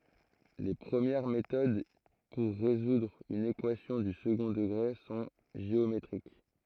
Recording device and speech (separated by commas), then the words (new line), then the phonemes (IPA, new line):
throat microphone, read sentence
Les premières méthodes pour résoudre une équation du second degré sont géométriques.
le pʁəmjɛʁ metod puʁ ʁezudʁ yn ekwasjɔ̃ dy səɡɔ̃ dəɡʁe sɔ̃ ʒeometʁik